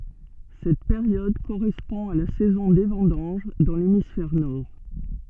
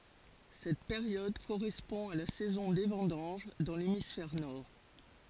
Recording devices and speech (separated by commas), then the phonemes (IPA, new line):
soft in-ear microphone, forehead accelerometer, read sentence
sɛt peʁjɔd koʁɛspɔ̃ a la sɛzɔ̃ de vɑ̃dɑ̃ʒ dɑ̃ lemisfɛʁ nɔʁ